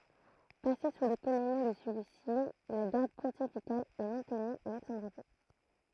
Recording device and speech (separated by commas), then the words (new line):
throat microphone, read sentence
Passée sous le commandement de celui-ci, la Garde pontificale est maintenue avec son drapeau.